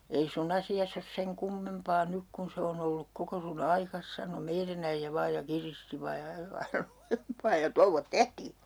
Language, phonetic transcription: Finnish, » ei "sun ‿asi₍as ‿os 'seŋ 'kummempaa 'nyk kun se on ‿olluk 'koko su"n ‿aikas » sano 'meirän ‿äijjä 'vaaj ja 'kiristi 'vaaj ja (ajo aina) 'lujempaa ja "touvvot "tehtii .
- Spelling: ei sinun asiasi ole sen kummempaa nyt kun se on ollut koko sinun aikasi sanoi meidän äijä vain ja kiristi vain ja ajoi aina lujempaa ja touot tehtiin

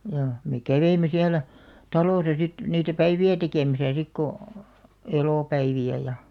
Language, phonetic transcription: Finnish, jaa , me 'käveime siälä , 'talòsa sit , niitä "päivi₍ä 'tekèmäsä 'sik ko , 'elòpäivi₍ä ja ,.
- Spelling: jaa me kävimme siellä talossa sitten niitä päiviä tekemässä sitten kun elopäiviä ja

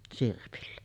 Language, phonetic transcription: Finnish, sirpillä .
- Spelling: sirpillä

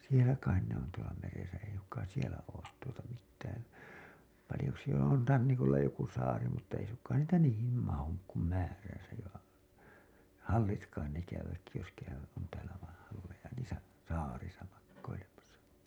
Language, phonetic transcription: Finnish, 'sielä kain ne ‿on tuola meresä ei suŋk̀aan̬ 'sielä oot tuota mittään , palĭjo jos sielä on 'rannikolla joku saari mutta ei suŋk̀aan 'niitä "niihim 'mahuk kum 'määräsäj ja , 'hallit kain ne käyvät jos käyvät , on täälä vaiḭ halleja niisä , 'saarisa makkoilemasa .
- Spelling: siellä kai ne on tuolla meressä ei suinkaan siellä ole tuota mitään paljon jos siellä on rannikolla joku saari mutta ei suinkaan niitä niihin mahdu kuin määränsä ja hallit kai ne käyvät jos käyvät on täällä vain halleja niissä saarissa makoilemassa

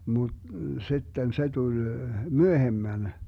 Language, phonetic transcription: Finnish, mut , 'sitten 'se tul , "myöhemmän .
- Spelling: mutta sitten se tuli myöhemmän

